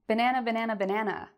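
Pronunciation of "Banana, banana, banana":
The voice goes down at the end of 'banana, banana, banana', as a question that is not a yes-no question.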